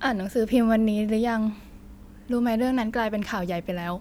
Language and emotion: Thai, frustrated